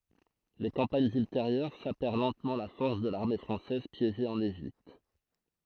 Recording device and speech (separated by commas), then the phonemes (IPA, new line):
throat microphone, read sentence
le kɑ̃paɲz ylteʁjœʁ sapɛʁ lɑ̃tmɑ̃ la fɔʁs də laʁme fʁɑ̃sɛz pjeʒe ɑ̃n eʒipt